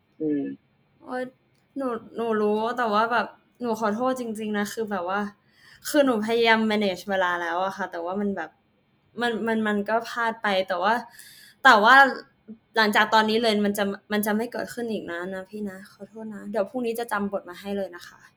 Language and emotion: Thai, sad